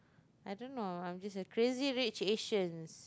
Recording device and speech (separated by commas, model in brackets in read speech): close-talking microphone, conversation in the same room